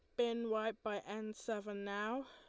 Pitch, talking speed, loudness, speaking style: 215 Hz, 170 wpm, -41 LUFS, Lombard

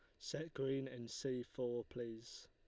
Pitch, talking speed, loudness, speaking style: 125 Hz, 160 wpm, -45 LUFS, Lombard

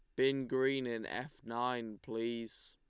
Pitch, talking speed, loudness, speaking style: 125 Hz, 145 wpm, -37 LUFS, Lombard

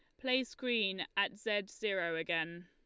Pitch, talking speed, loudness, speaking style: 200 Hz, 145 wpm, -35 LUFS, Lombard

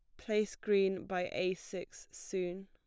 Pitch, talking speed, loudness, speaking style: 190 Hz, 145 wpm, -36 LUFS, plain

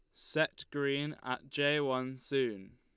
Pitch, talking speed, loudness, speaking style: 135 Hz, 140 wpm, -34 LUFS, Lombard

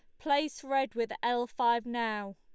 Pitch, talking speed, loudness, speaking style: 240 Hz, 165 wpm, -32 LUFS, Lombard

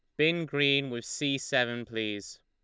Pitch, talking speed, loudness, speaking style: 125 Hz, 160 wpm, -29 LUFS, Lombard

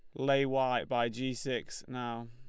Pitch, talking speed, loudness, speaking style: 125 Hz, 170 wpm, -33 LUFS, Lombard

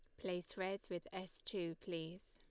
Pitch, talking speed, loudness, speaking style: 180 Hz, 170 wpm, -46 LUFS, Lombard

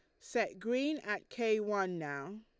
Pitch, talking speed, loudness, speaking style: 210 Hz, 165 wpm, -36 LUFS, Lombard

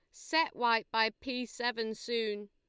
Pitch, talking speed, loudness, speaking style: 230 Hz, 155 wpm, -33 LUFS, Lombard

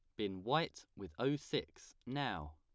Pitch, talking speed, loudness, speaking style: 100 Hz, 155 wpm, -40 LUFS, plain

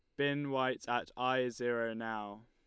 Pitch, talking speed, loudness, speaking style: 120 Hz, 160 wpm, -36 LUFS, Lombard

